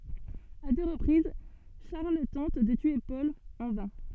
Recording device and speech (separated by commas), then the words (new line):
soft in-ear microphone, read sentence
À deux reprises, Charles tente de tuer Paul – en vain.